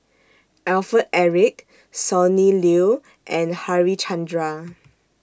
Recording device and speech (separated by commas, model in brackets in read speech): standing microphone (AKG C214), read sentence